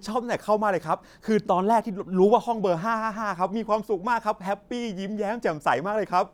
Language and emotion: Thai, happy